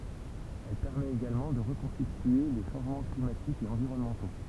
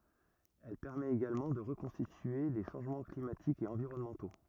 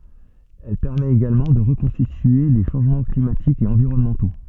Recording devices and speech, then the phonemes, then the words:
temple vibration pickup, rigid in-ear microphone, soft in-ear microphone, read sentence
ɛl pɛʁmɛt eɡalmɑ̃ də ʁəkɔ̃stitye le ʃɑ̃ʒmɑ̃ klimatikz e ɑ̃viʁɔnmɑ̃to
Elle permet également de reconstituer les changements climatiques et environnementaux.

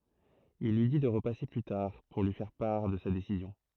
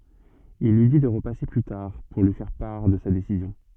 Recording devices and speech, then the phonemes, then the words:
throat microphone, soft in-ear microphone, read sentence
il lyi di də ʁəpase ply taʁ puʁ lyi fɛʁ paʁ də sa desizjɔ̃
Il lui dit de repasser plus tard pour lui faire part de sa décision.

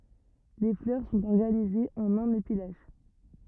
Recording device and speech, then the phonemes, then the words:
rigid in-ear microphone, read sentence
le flœʁ sɔ̃t ɔʁɡanizez ɑ̃n œ̃n epi laʃ
Les fleurs sont organisées en un épi lâche.

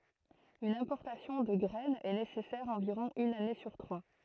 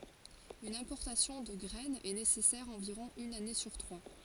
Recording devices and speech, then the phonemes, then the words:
throat microphone, forehead accelerometer, read sentence
yn ɛ̃pɔʁtasjɔ̃ də ɡʁɛn ɛ nesɛsɛʁ ɑ̃viʁɔ̃ yn ane syʁ tʁwa
Une importation de graine est nécessaire environ une année sur trois.

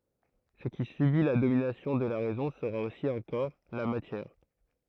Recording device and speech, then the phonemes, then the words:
throat microphone, read sentence
sə ki sybi la dominasjɔ̃ də la ʁɛzɔ̃ səʁa osi œ̃ kɔʁ la matjɛʁ
Ce qui subit la domination de la raison sera aussi un corps, la matière.

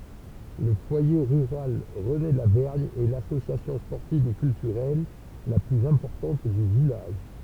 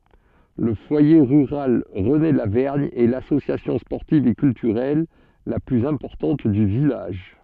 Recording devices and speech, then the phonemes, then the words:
temple vibration pickup, soft in-ear microphone, read sentence
lə fwaje ʁyʁal ʁənelavɛʁɲ ɛ lasosjasjɔ̃ spɔʁtiv e kyltyʁɛl la plyz ɛ̃pɔʁtɑ̃t dy vilaʒ
Le foyer rural René-Lavergne est l'association sportive et culturelle la plus importante du village.

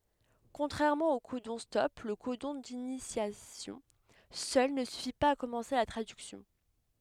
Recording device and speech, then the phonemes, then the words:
headset microphone, read sentence
kɔ̃tʁɛʁmɑ̃ o kodɔ̃stɔp lə kodɔ̃ dinisjasjɔ̃ sœl nə syfi paz a kɔmɑ̃se la tʁadyksjɔ̃
Contrairement aux codons-stop, le codon d'initiation seul ne suffit pas à commencer la traduction.

